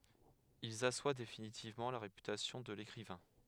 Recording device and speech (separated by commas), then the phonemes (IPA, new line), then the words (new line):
headset microphone, read sentence
ilz aswa definitivmɑ̃ la ʁepytasjɔ̃ də lekʁivɛ̃
Ils assoient définitivement la réputation de l'écrivain.